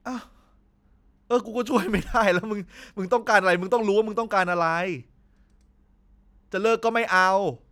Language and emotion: Thai, frustrated